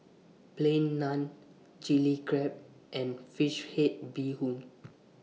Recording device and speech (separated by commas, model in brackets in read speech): mobile phone (iPhone 6), read sentence